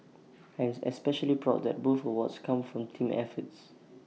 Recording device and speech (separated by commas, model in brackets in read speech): mobile phone (iPhone 6), read sentence